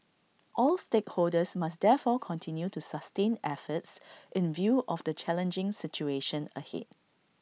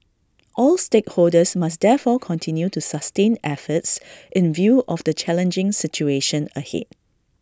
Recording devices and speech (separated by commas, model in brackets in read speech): mobile phone (iPhone 6), standing microphone (AKG C214), read sentence